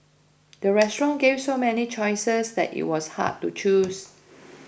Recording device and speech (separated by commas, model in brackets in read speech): boundary microphone (BM630), read sentence